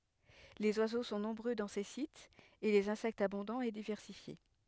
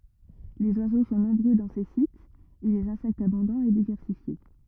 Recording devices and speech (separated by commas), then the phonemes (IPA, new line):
headset microphone, rigid in-ear microphone, read sentence
lez wazo sɔ̃ nɔ̃bʁø dɑ̃ se sitz e lez ɛ̃sɛktz abɔ̃dɑ̃z e divɛʁsifje